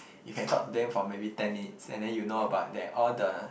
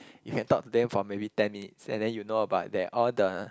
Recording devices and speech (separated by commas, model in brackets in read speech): boundary microphone, close-talking microphone, conversation in the same room